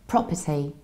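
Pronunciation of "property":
'Property' is pronounced correctly here.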